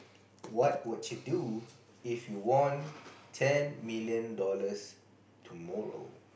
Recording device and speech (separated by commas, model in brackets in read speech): boundary microphone, conversation in the same room